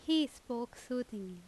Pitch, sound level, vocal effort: 240 Hz, 86 dB SPL, very loud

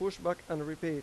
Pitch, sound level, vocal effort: 165 Hz, 91 dB SPL, normal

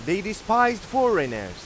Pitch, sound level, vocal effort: 200 Hz, 100 dB SPL, very loud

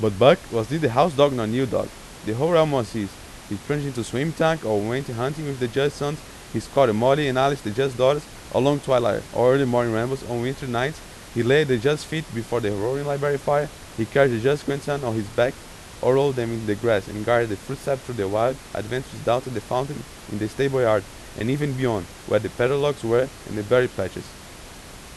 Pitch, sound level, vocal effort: 130 Hz, 90 dB SPL, loud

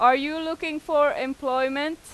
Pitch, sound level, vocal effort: 295 Hz, 96 dB SPL, very loud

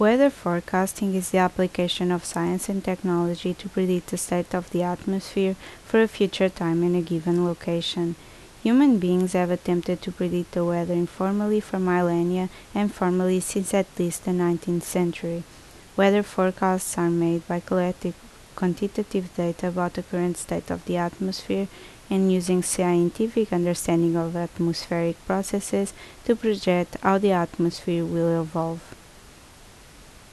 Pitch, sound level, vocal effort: 180 Hz, 75 dB SPL, normal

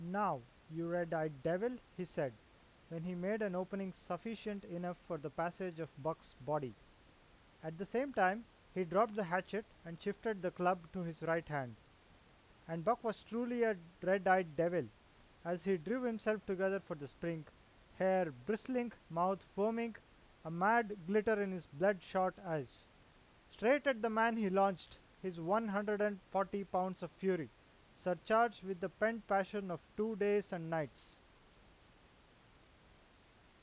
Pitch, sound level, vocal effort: 185 Hz, 92 dB SPL, loud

